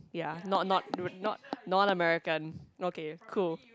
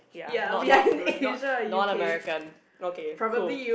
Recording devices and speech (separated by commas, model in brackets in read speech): close-talking microphone, boundary microphone, conversation in the same room